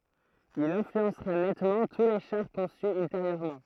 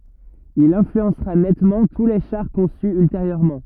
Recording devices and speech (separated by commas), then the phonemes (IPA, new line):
throat microphone, rigid in-ear microphone, read sentence
il ɛ̃flyɑ̃sʁa nɛtmɑ̃ tu le ʃaʁ kɔ̃sy ylteʁjøʁmɑ̃